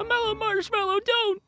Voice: high pitched pleading